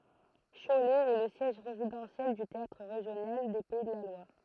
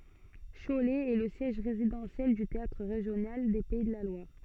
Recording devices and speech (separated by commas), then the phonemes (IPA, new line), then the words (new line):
throat microphone, soft in-ear microphone, read sentence
ʃolɛ ɛ lə sjɛʒ ʁezidɑ̃sjɛl dy teatʁ ʁeʒjonal de pɛi də la lwaʁ
Cholet est le siège résidentiel du théâtre régional des Pays de la Loire.